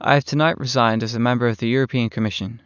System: none